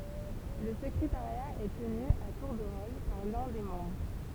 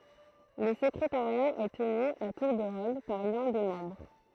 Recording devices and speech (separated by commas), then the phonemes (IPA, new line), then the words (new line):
temple vibration pickup, throat microphone, read sentence
lə səkʁetaʁja ɛ təny a tuʁ də ʁol paʁ lœ̃ de mɑ̃bʁ
Le secrétariat est tenu à tour de rôle par l'un des membres.